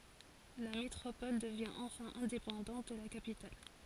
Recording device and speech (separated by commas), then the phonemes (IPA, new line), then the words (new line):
forehead accelerometer, read sentence
la metʁopɔl dəvjɛ̃ ɑ̃fɛ̃ ɛ̃depɑ̃dɑ̃t də la kapital
La métropole devient enfin indépendante de la capitale.